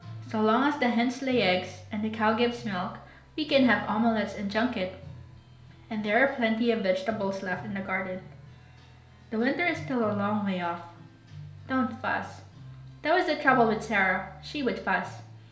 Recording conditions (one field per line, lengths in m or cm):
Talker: one person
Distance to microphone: 1.0 m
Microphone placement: close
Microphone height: 1.1 m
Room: small (3.7 m by 2.7 m)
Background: music